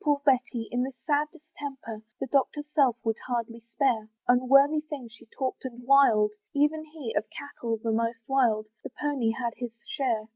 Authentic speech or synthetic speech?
authentic